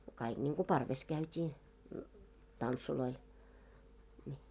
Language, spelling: Finnish, kaikki niin kuin parvessa käytiin tansseilla niin
- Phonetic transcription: 'kaiɢ ńiŋɢu "parves 'käyt́ii , 'tantsuloil , ńi .

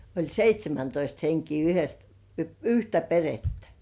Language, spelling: Finnish, oli seitsemäntoista henkeä - yhtä perhettä
- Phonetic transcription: oĺ "seit́śemäntoist 'heŋkii yhes- , "yhtä perettᴀ̈ .

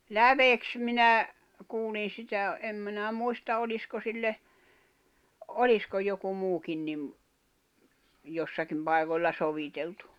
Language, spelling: Finnish, läveksi minä kuulin sitä en minä muista olisiko sille olisiko joku muukin niin jossakin paikoilla soviteltu
- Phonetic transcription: läveks minä , 'kuulin̬ 'sitä , 'em minä muista 'oĺisko sille , "olisko joku 'muukin nim , 'jossakim pai̬koĺla 'soviteltᴜ .

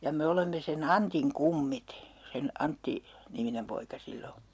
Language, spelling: Finnish, ja me olemme sen Antin kummit sen - Antti-niminen poika sillä on
- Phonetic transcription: ja 'me olemme se"n ‿Antiŋ "kummit , 'sen "Antti- , '-niminem poika 'sill ‿o .

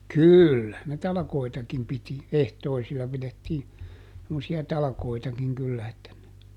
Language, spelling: Finnish, kyllähän ne talkoitakin piti ehtoisilla pidettiin semmoisia talkoitakin kyllä että
- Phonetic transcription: "kỳllähän ne ˈtalᵃkoitakim piti , ˈehtoisilla pilettii , semmosi₍a ˈtalakoitakiŋ kyllä että ,.

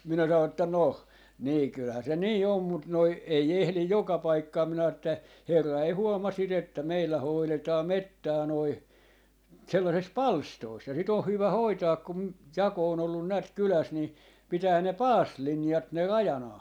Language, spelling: Finnish, minä sanoin että no niin kyllähän se niin on mutta noin ei ehdi joka paikkaan minä sanoin että herra ei huomaa sitä että meillä hoidetaan metsää noin sellaisessa palstoissa ja sitä on hyvä hoitaa - jako on ollut näet kylässä niin pitää ne paasilinjat ne rajanaan
- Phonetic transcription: 'minä sano että » 'noh , nii 'kylhää se "nii 'om mut noi , ei ehlij 'joka 'paikkaam » minä (sanon) että , » 'herra ei 'huoma sit ‿että 'meillä 'hoiletaa "mettää noi , sellases "palstois » , ja 'sit ‿oh "hyvä "hoitaak kum- , 'jako o'n ‿ollun näät "kyläs 'ni , 'pitään ne "paaslinjat ne "rajanaa .

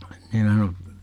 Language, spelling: Finnish, niin minä sanoin
- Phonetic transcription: ni mä sano , .

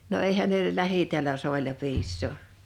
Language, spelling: Finnish, no eihän ne täällä soilla piisaa
- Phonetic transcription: no 'èihän nè , 'lähitiälä 'sòila 'piissò .

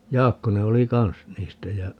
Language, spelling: Finnish, Jaakkonen oli kanssa niistä ja
- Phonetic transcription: 'Jaakkone oli "kans 'niistä jä ,.

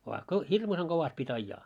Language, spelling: Finnish, vaan kun hirmuisen kovasti piti ajaa
- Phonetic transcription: vaa ko , "hirmuseŋ 'ɢovast pi't́ aijjaa .

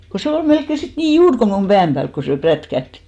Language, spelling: Finnish, kun se oli melkein sitten niin juuri kuin minun pään päällä kun se prätkähti
- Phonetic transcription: ko 'se ol 'melkke sit 'nii "juur ko mum "ʙääm 'päälk ko se 'prätkähtɪ .

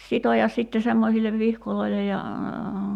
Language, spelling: Finnish, sitoa sitten semmoisille vihkoille ja
- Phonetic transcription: 'sitojas 'sitte semmosillev "vihkoloilej ja ,.

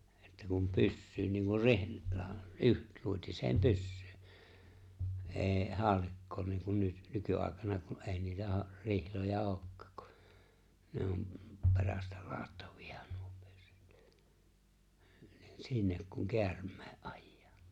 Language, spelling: Finnish, että kun pyssyyn niin kuin - - yksiluotiseen pyssyyn ei haulikkoon niin kuin nyt nykyaikana kun ei niitä - rihloja olekaan kun ne on perästä ladattavia nyt pyssyt niin sinne kun käärmeen ajaa
- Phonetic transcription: että kum 'pyssyyn niiŋkur 'rihl- la- , '’yksluotiseem 'pyssʏʏ , '’e̬e̬ 'haalikkoon niiŋkun nyt , "nyky’àekana kun 'e̬e̬ⁱ niitä ha- , 'rihloja '’ookkaak kᴜ , ne om , 'pe̬rästᴀ̈ 'laattᴀᴠɪ₍ᴀ ɴᴜᴏ pʏSS(ʏt) , ɴɪ 'sinnek kuŋ "keärm̆mᴇᴇ’ '’ᴀᴊᴊᴀᴀ .

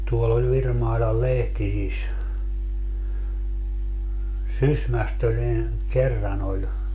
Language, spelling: Finnish, tuolla oli Virmailan Lehtisissä Sysmästä oli niin kerran oli
- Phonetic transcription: tuoll ‿oĺ 'Virmailal "Lehtisis , "Sysmäst ‿oĺ ni , 'kerran ‿oĺ ,.

